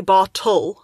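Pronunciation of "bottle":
In 'bottle', the second syllable has a vowel sound before the L; it is not just an L on its own.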